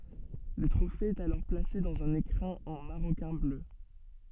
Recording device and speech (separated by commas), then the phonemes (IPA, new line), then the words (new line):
soft in-ear microphone, read sentence
lə tʁofe ɛt alɔʁ plase dɑ̃z œ̃n ekʁɛ̃ ɑ̃ maʁokɛ̃ blø
Le trophée est alors placé dans un écrin en maroquin bleu.